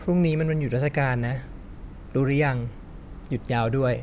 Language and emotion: Thai, neutral